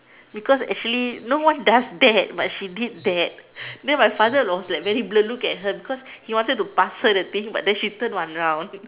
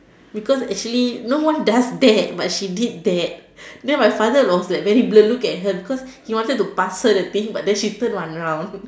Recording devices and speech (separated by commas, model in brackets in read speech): telephone, standing microphone, conversation in separate rooms